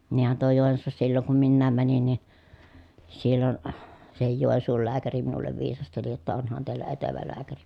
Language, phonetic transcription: Finnish, niihän tuo Jòensuussa silloŋ kum minnääm mänin nin̬ , sillon , sehij Jòi̮nsuul lääkäri minullev viisasteli jotta » onhan teillä etevä lääkäri » .
- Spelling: niinhän tuo Joensuussa silloin kun minäkin menin niin silloin sekin Joensuun lääkäri minulle viisasteli jotta onhan teillä etevä lääkäri

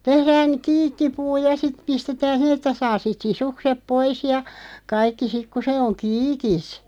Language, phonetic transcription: Finnish, 'tehrään , "kiikkipuu ja 'siᵗ 'pistetään (sihen) ‿että 'saa sit 'sisukseᵖ "pois ja , 'kaikki 'sik ku se oŋ "kiikis .
- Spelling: tehdään kiikkipuu ja sitten pistetään siihen että saa sitten sisukset pois ja kaikki sitten kun se on kiikissä

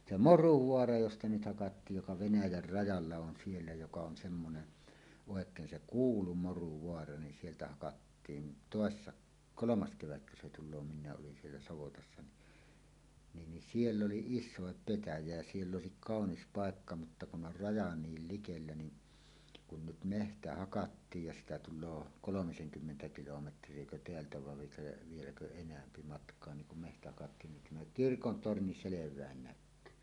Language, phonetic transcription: Finnish, 'se "Moruvoara josta 'nyt 'hakattiij joka "Venäjär 'rajalla 'on "siellä joka on semmonen , 'òek̀een 'se "kuulu "Moruvoara nin sieltä hakattiin "tòessa , "kolomas 'kevätkö se tul̆loo 'min̆nää’ ’olin siellä 'savotassa ni , 'niin ni "siell ‿oli "is̆sòep 'petäjä jä "siell ‿òesik "kàonis 'pàekka mutta kun 'ˀor 'raja 'niil 'likellä ni , kun nyt "mehtä 'hakattiij ja 'siitä tul̆loo "kolomiseŋkymmentä 'kilometr̀iekö 'teältä vav viĕklä̆- , 'vieläkö "enämpi matk̀oa niŋ kum mehtä hakattiin nin 'tämä "kirkon "torni "selev̀ään 'näk̆kyy .
- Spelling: se Moruvaara josta nyt hakattiin joka Venäjän rajalla on siellä joka on semmoinen oikein se kuulu Moruvaara niin sieltä hakattiin toissa kolmas kevätkö se tulee minäkin olin siellä savotassa niin niin niin siellä oli isokin petäjä ja siellä olisi kaunis paikka mutta kun on raja niin likellä niin kun nyt metsä hakattiin ja siitä tulee kolmisenkymmentä kilometriäkö täältä vaan - vieläkö enempi matkaa niin kun metsä hakattiin niin tämä kirkon torni selvästi näkyy

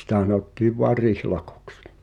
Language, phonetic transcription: Finnish, 'sⁱtä h̳anottiiv voar "rihlakᴏks .
- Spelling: sitä sanottiin vain rihlakoksi

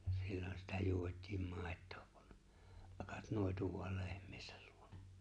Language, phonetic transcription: Finnish, » 'sillon sitä 'juot̀̆tiim 'mài̬t̆tᴏᴏ kᴜ , ’ᴀkᴀt 'nòi̬tu vo̭al 'lehᴍ̀ɪɪsᴀ̈l ʟᴜᴏɴᴀ « .
- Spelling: silloin sitä juotiin maitoa kun akat noitui vain lehmiensä luona

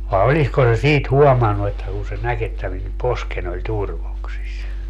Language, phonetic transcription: Finnish, vae 'olisko se "siit 'huɔmannu että kuu se 'näk ‿että min 'posken ‿oĺ "turvoksis ?
- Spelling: vai olisiko se siitä huomannut että kun se näki että minun poskeni oli turvoksissa

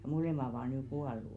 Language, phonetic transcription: Finnish, ʿʲᵃʾ "mo̭lèma ovà nyy 'ɢuallù .
- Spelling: jo molemmat ovat nyt kuollut

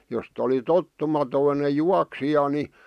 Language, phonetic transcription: Finnish, jos't ‿oli 'tottumatoine "juaksija ni ,.
- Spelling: jos oli tottumaton juoksija niin

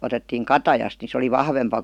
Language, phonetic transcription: Finnish, 'otettiiŋ "katajast ni se oli "vahvempa .
- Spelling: otettiin katajasta niin se oli vahvempi

